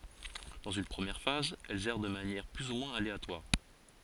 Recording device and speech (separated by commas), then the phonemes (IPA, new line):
forehead accelerometer, read sentence
dɑ̃z yn pʁəmjɛʁ faz ɛlz ɛʁ də manjɛʁ ply u mwɛ̃z aleatwaʁ